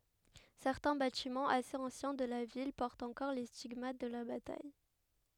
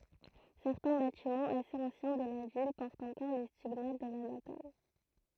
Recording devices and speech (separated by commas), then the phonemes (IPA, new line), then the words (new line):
headset microphone, throat microphone, read sentence
sɛʁtɛ̃ batimɑ̃z asez ɑ̃sjɛ̃ də la vil pɔʁtt ɑ̃kɔʁ le stiɡmat də la bataj
Certains bâtiments assez anciens de la ville portent encore les stigmates de la bataille.